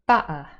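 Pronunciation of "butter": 'Butter' is said in a Cockney accent, with a glottal stop.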